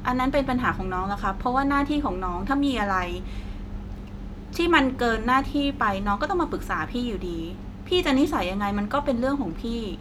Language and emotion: Thai, frustrated